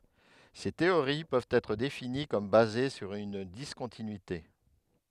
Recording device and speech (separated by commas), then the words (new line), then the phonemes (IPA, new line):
headset microphone, read sentence
Ces théories peuvent être définies comme basées sur une discontinuité.
se teoʁi pøvt ɛtʁ defini kɔm baze syʁ yn diskɔ̃tinyite